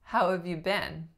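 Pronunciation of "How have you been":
The main stress falls on the last word, 'been'.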